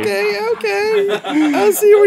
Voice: high voice